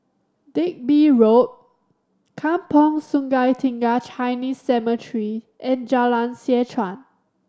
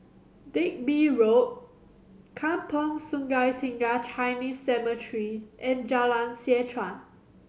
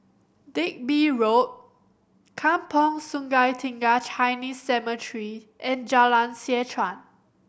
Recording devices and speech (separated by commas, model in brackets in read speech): standing microphone (AKG C214), mobile phone (Samsung C7100), boundary microphone (BM630), read sentence